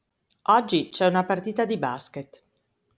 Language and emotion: Italian, neutral